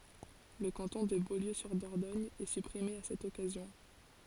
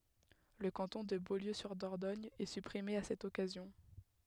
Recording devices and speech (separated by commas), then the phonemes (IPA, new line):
forehead accelerometer, headset microphone, read sentence
lə kɑ̃tɔ̃ də boljøzyʁdɔʁdɔɲ ɛ sypʁime a sɛt ɔkazjɔ̃